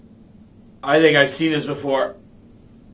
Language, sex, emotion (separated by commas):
English, male, neutral